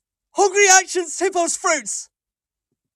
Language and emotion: English, sad